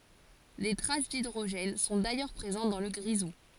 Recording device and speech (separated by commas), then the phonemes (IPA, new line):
forehead accelerometer, read sentence
de tʁas didʁoʒɛn sɔ̃ dajœʁ pʁezɑ̃t dɑ̃ lə ɡʁizu